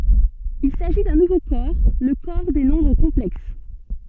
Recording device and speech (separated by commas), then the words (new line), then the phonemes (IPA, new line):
soft in-ear microphone, read sentence
Il s'agit d'un nouveau corps, le corps des nombres complexes.
il saʒi dœ̃ nuvo kɔʁ lə kɔʁ de nɔ̃bʁ kɔ̃plɛks